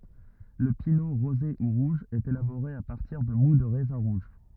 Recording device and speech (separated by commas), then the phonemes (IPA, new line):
rigid in-ear microphone, read sentence
lə pino ʁoze u ʁuʒ ɛt elaboʁe a paʁtiʁ də mu də ʁɛzɛ̃ ʁuʒ